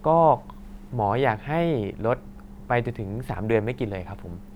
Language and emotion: Thai, neutral